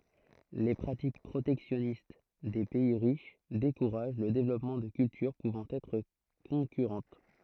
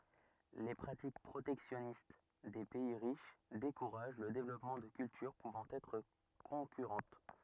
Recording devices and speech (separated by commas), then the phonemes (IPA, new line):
throat microphone, rigid in-ear microphone, read sentence
le pʁatik pʁotɛksjɔnist de pɛi ʁiʃ dekuʁaʒ lə devlɔpmɑ̃ də kyltyʁ puvɑ̃ ɛtʁ kɔ̃kyʁɑ̃t